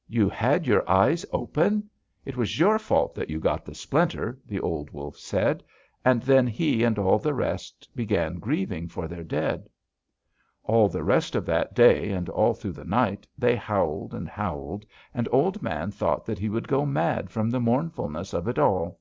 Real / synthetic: real